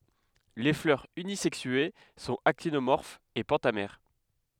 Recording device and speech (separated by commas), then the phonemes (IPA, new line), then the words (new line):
headset microphone, read sentence
le flœʁz ynizɛksye sɔ̃t aktinomɔʁfz e pɑ̃tamɛʁ
Les fleurs unisexuées sont actinomorphes et pentamères.